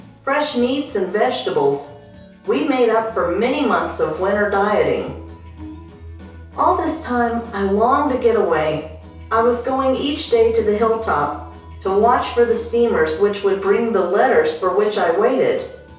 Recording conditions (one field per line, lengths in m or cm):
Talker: one person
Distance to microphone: 3.0 m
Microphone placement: far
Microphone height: 1.8 m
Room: small (3.7 m by 2.7 m)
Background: music